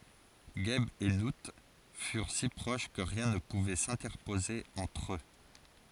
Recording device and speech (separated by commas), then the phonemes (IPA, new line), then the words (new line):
forehead accelerometer, read sentence
ʒɛb e nu fyʁ si pʁoʃ kə ʁjɛ̃ nə puvɛ sɛ̃tɛʁpoze ɑ̃tʁ ø
Geb et Nout furent si proches que rien ne pouvait s'interposer entre eux.